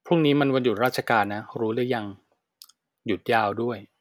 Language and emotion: Thai, frustrated